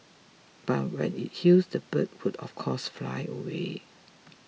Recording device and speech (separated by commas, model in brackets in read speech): mobile phone (iPhone 6), read sentence